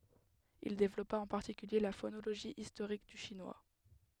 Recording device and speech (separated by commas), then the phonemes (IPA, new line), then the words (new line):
headset microphone, read sentence
il devlɔpa ɑ̃ paʁtikylje la fonoloʒi istoʁik dy ʃinwa
Il développa en particulier la phonologie historique du chinois.